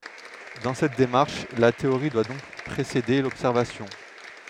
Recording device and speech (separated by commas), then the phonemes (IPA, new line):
headset microphone, read sentence
dɑ̃ sɛt demaʁʃ la teoʁi dwa dɔ̃k pʁesede lɔbsɛʁvasjɔ̃